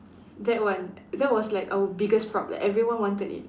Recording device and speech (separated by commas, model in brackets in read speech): standing microphone, conversation in separate rooms